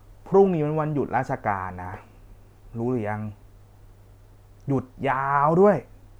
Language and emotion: Thai, frustrated